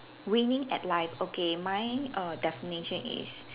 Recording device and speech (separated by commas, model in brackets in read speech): telephone, conversation in separate rooms